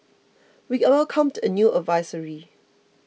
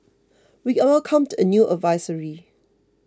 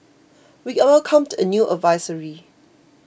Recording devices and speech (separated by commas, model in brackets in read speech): mobile phone (iPhone 6), close-talking microphone (WH20), boundary microphone (BM630), read sentence